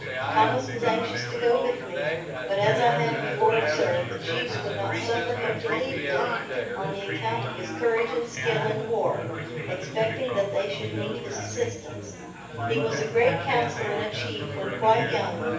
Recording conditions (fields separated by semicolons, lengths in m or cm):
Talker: one person; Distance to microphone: 9.8 m; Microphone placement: far; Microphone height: 1.8 m; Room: large; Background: babble